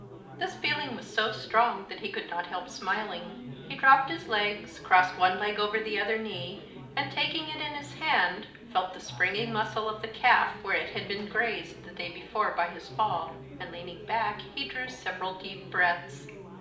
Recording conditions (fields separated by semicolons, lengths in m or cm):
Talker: one person; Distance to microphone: 2.0 m; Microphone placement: close; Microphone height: 99 cm; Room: medium-sized (5.7 m by 4.0 m); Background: babble